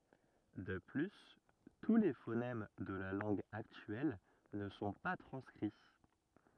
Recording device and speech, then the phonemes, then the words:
rigid in-ear microphone, read sentence
də ply tu le fonɛm də la lɑ̃ɡ aktyɛl nə sɔ̃ pa tʁɑ̃skʁi
De plus, tous les phonèmes de la langue actuelle ne sont pas transcrits.

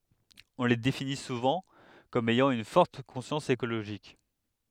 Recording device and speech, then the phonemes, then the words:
headset microphone, read sentence
ɔ̃ le defini suvɑ̃ kɔm ɛjɑ̃ yn fɔʁt kɔ̃sjɑ̃s ekoloʒik
On les définit souvent comme ayant une forte conscience écologique.

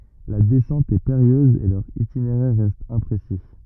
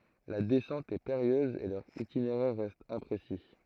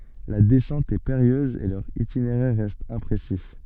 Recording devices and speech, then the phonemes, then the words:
rigid in-ear microphone, throat microphone, soft in-ear microphone, read sentence
la dɛsɑ̃t ɛ peʁijøz e lœʁ itineʁɛʁ ʁɛst ɛ̃pʁesi
La descente est périlleuse et leur itinéraire reste imprécis.

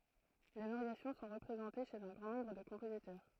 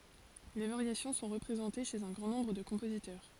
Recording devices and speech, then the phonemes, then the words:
throat microphone, forehead accelerometer, read sentence
le vaʁjasjɔ̃ sɔ̃ ʁəpʁezɑ̃te ʃez œ̃ ɡʁɑ̃ nɔ̃bʁ də kɔ̃pozitœʁ
Les variations sont représentées chez un grand nombre de compositeurs.

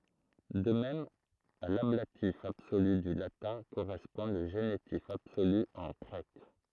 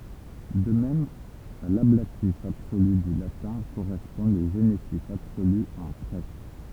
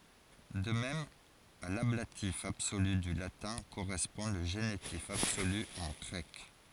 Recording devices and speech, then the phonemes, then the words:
throat microphone, temple vibration pickup, forehead accelerometer, read sentence
də mɛm a lablatif absoly dy latɛ̃ koʁɛspɔ̃ lə ʒenitif absoly ɑ̃ ɡʁɛk
De même, à l'ablatif absolu du latin correspond le génitif absolu en grec.

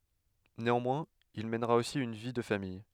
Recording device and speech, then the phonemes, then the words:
headset microphone, read sentence
neɑ̃mwɛ̃z il mɛnʁa osi yn vi də famij
Néanmoins, il mènera aussi une vie de famille.

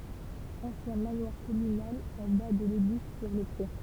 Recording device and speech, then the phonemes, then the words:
temple vibration pickup, read sentence
ɑ̃sjɛ̃ manwaʁ kɔmynal ɑ̃ ba də leɡliz syʁ lə pʁe
Ancien manoir communal en bas de l’église sur le pré.

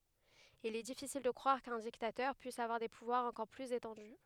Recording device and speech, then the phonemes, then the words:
headset microphone, read sentence
il ɛ difisil də kʁwaʁ kœ̃ diktatœʁ pyis avwaʁ de puvwaʁz ɑ̃kɔʁ plyz etɑ̃dy
Il est difficile de croire qu'un dictateur puisse avoir des pouvoirs encore plus étendus.

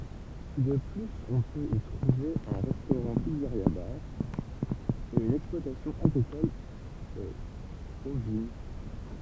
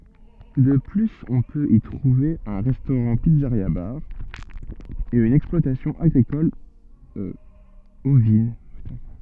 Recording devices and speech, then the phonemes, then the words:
temple vibration pickup, soft in-ear microphone, read sentence
də plyz ɔ̃ pøt i tʁuve œ̃ ʁɛstoʁɑ̃tpizzəʁjabaʁ e yn ɛksplwatasjɔ̃ aɡʁikɔl ovin
De plus, on peut y trouver un restaurant-pizzeria-bar, et une exploitation agricole ovine.

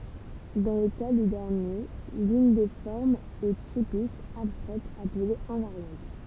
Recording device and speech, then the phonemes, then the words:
temple vibration pickup, read sentence
dɑ̃ lə ka de dɛʁnje lyn de fɔʁmz ɛ tipik abstʁɛt aple ɛ̃vaʁjɑ̃t
Dans le cas des derniers, l’une des formes est typique, abstraite, appelée invariante.

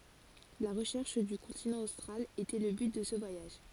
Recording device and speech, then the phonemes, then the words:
forehead accelerometer, read sentence
la ʁəʃɛʁʃ dy kɔ̃tinɑ̃ ostʁal etɛ lə byt də sə vwajaʒ
La recherche du continent austral était le but de ce voyage.

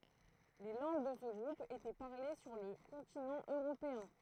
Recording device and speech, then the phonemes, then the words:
throat microphone, read sentence
le lɑ̃ɡ də sə ɡʁup etɛ paʁle syʁ lə kɔ̃tinɑ̃ øʁopeɛ̃
Les langues de ce groupe étaient parlées sur le continent européen.

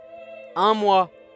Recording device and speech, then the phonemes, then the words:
headset microphone, read sentence
œ̃ mwa
Un mois.

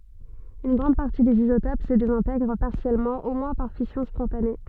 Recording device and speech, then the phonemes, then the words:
soft in-ear microphone, read sentence
yn ɡʁɑ̃d paʁti dez izotop sə dezɛ̃tɛɡʁ paʁsjɛlmɑ̃ o mwɛ̃ paʁ fisjɔ̃ spɔ̃tane
Une grande partie des isotopes se désintègre partiellement au moins par fission spontanée.

